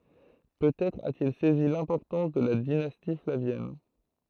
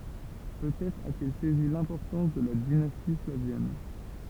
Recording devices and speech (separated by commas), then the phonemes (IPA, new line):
throat microphone, temple vibration pickup, read sentence
pøtɛtʁ atil sɛzi lɛ̃pɔʁtɑ̃s də la dinasti flavjɛn